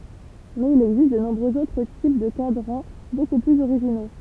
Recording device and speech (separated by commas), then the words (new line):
temple vibration pickup, read sentence
Mais il existe de nombreux autres types de cadrans beaucoup plus originaux.